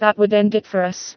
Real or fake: fake